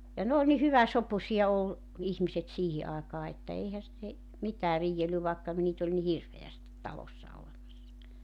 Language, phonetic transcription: Finnish, ja 'n ‿ool ni "hyväsopusi₍a ol , 'ihmiset 'siihi àekaa että 'eihä (ne) , 'mitää 'rii₍elly vàekka , niit ‿oĺ ni "hirveästit 'talossa (olemassa) .
- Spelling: ja ne oli niin hyväsopuisia oli ihmiset siihen aikaan että eihän ne mitään riidellyt vaikka niitä oli niin hirveästi talossa olemassa

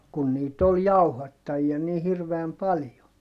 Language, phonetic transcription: Finnish, kun niit ‿ol jauhattajia ni hirveäm paljo .
- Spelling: kun niitä oli jauhattajia niin hirveän paljon

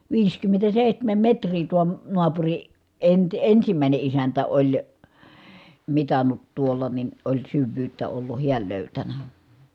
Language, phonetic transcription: Finnish, viiskymmentäsèihtämäm metr̀ii tuo , noapuri , enti- ensimä̀i̮ne isäntä oĺ , mitannut tuolla nin , oĺ syvvyyttä ollu hiäl lö̀ytänä .
- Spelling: viisikymmentäseitsemän metriä tuo naapuri - ensimmäinen isäntä oli mitannut tuolla niin oli syvyyttä ollut hän löytänyt

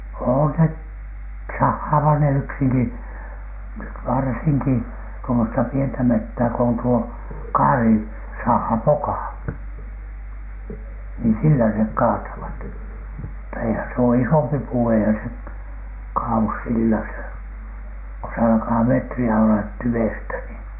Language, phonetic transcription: Finnish, oon se , 'sahhaavah ne "yksiŋki , 'varsiŋki tuomosta pientä 'mettää ko on tuo , "kaari- , -saha , "pokà , nii sillä nek 'kaatavat , mutta eihän s ‿oo "isompi "puu , eihän se , 'kaa₍us sillä se , ko se alkaa "metri₍ä ollat 'tywestä nii .
- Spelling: on se sahaavat ne yksinkin varsinkin tuommoista pientä metsää kun on tuo - kaarisaha poka niin sillä ne kaatavat mutta eihän se ole isompi puu eihän se kaadu sillä se kun se alkaa metriä olla tyvestä niin

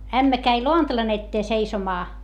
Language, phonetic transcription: Finnish, ämmä käi loantalan ‿ettee seisomaa .
- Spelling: ämmä kävi lantalan eteen seisomaan

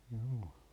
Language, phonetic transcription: Finnish, jû .
- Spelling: juu

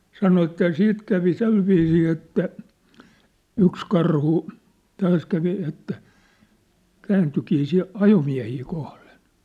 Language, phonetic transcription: Finnish, 'sano että jă 'siit kävi 'se̳lviisii että , 'yks karhu , 'taas kävi että , 'kääntykii si , 'ajomiä̭hii kohlen̬ .
- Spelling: sanoi että ja sitten kävi sillä viisiin että yksi karhu taas kävi että kääntyikin sitten ajomiehiä kohden

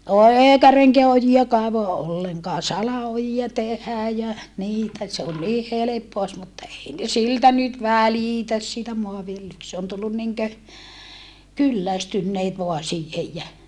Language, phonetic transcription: Finnish, o eekä reŋkeä oji₍a kaevoa ʼolleŋkaa sala₍ojia tehää jä , niitä se on nii heleppoa os mutta ei ne siltä nyt välìtäs siitä moaviljelyk - se on tullun niŋkö , kyllästynneet voa siihej jä ,.
- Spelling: - eikä renkää ojia kaivaa ollenkaan salaojia tehdään ja niitä se on niin helppoa olisi mutta ei ne siltä nyt välitä siitä - se on tullut niin kuin kyllästyneet vain siihen ja

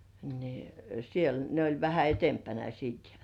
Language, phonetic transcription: Finnish, ni siel ne oĺ 'vähä "etempänä 'siit .
- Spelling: niin siellä ne oli vähän edempänä sitten

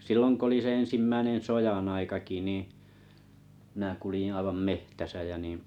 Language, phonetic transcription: Finnish, silloŋ 'k ‿oli se 'en̬simmäinen "sojan ‿aikaki ni , mⁱⁿä̀ kulⁱjin̬ aivam met̳täsä jä nìⁱ̀ ,.
- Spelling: silloin kun oli se ensimmäinen sodan aikakin niin minä kuljin aivan metsässä ja niin

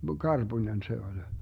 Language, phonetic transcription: Finnish, "karBuńen se oĺ .
- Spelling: karpunen se oli

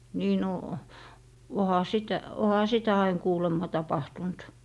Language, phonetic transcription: Finnish, 'nii no , 'oha "sitä , 'oha "sitä ain 'kuulemma 'tapahtunt .
- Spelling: niin no onhan sitä onhan sitä aina kuulemma tapahtunut

